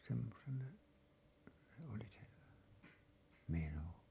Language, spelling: Finnish, semmoisen se oli se meno
- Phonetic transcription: semmosen , se ‿oli se , 'meno .

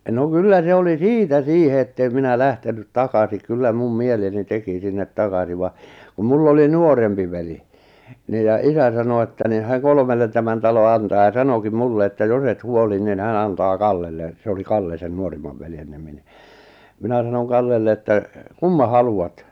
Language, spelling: Finnish, no kyllä se oli siitä siihen että en minä lähtenyt takaisin kyllä minun mieleni teki sinne takaisin vaan kun minulla oli nuorempi veli niin ja isä sanoi että niin hän kolmelle tämän talon antaa ja sanokin minulle että jos et huoli niin hän antaa Kallelle se oli Kalle sen nuorimman veljen nimi niin minä sanoin Kallelle että kumman haluat
- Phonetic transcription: no "kyllä 'se oli "siitä "siihe ettèm 'minä 'lähtenyt "takasi kyllä 'mum 'mieleni 'teki sinnet 'takasi va , kum mull ‿oli "nuorempi veli , niij ja 'isä sano että ni hä̀ᵑ 'kolmellen tämän talo 'antaa ja 'sanokim 'mulle että 'jos ‿et 'huoli nin 'hän antaa "Kallelle , se oli 'Kalle sen 'nuorimmav veljen nimi ni , 'minä sanon 'Kallelle että , » "kumma 'halu₍at ?

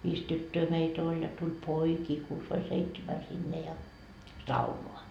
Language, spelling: Finnish, viisi tyttöä meitä oli ja tuli poikia kuusi vai seitsemän sinne ja saunaan
- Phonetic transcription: 'viis "tyttöö 'meit ‿oĺ ja tul "poikii 'kuus vai 'seitsemä sinne ja , "saunoa .

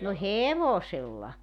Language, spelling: Finnish, no hevosella
- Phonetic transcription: no "hevosella .

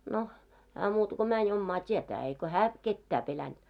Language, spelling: Finnish, no hän muuta kuin meni omaa tietään eikä hän ketään pelännyt
- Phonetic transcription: 'no , hää muuta ko 'mäń ommaa 't́ietää eiko 'hää , 'kettää pelänᴅ .

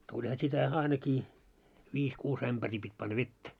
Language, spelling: Finnish, tulihan sitä ainakin viisi kuusi ämpäriä piti panna vettä
- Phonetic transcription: 'tuĺha sitä 'ainakii , 'viis 'kuus 'ämʙärii pit́ panna "vettä .

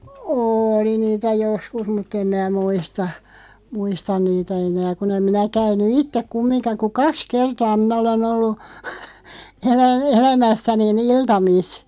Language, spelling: Finnish, oli niitä joskus mutta en minä muista muista niitä enää kun en minä käynyt itse kumminkaan kuin kaksi kertaa minä olen ollut - elämässäni iltamissa
- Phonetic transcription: ôli 'niitä "joskus mut't ‿em mää "muista , 'muistan niitä enää 'kun ‿em 'minä 'käyn̆nu "ittek 'kummiŋka ku "kaks 'kertaa 'minä ole'n ‿ollu , elä- , 'elämässäni"n ‿iltamis .

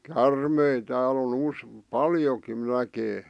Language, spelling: Finnish, käärmeitä täällä on - paljonkin näkee
- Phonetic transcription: kärmei 'tääl ‿on 'us- , "paljokin 'näkee .

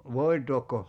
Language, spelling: Finnish, voitaako
- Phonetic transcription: 'voitookko ?

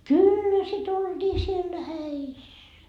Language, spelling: Finnish, kyllä sitä oltiin siellä häissä
- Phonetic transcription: "kyllä sit 'olDii siellä "häis .

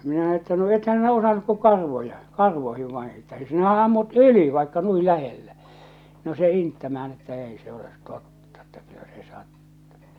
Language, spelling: Finnish, minä että no ethän sinä osannut kuin karvoja karvoihin vain että sinähän ammut yli vaikka noin lähellä no se inttämään että ei se ole totta että kyllä se sattui
- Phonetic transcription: minä että » no 'ethän̬ 'sinä osanuk ku 'karvoja , 'karvoihiv vain̬ että sinähä ammut "yli vaikka 'nui 'lähellä « , no se 'inttämä₍än että 'èi se olet 'tottᴀ että kyllä 'se 'sattᴜ .

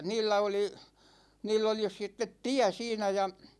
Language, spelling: Finnish, niillä oli niillä oli sitten tie siinä ja
- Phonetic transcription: 'niillä oli , 'niill ‿oli 'sittet "tiä 'siinä ja ,.

